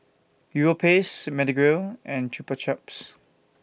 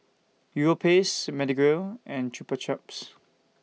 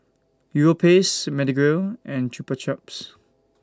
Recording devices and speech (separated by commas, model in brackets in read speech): boundary microphone (BM630), mobile phone (iPhone 6), standing microphone (AKG C214), read sentence